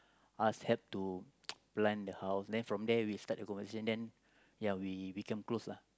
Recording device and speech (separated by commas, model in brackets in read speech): close-talking microphone, conversation in the same room